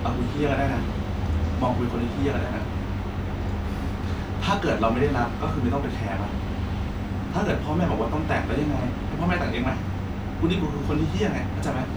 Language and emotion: Thai, frustrated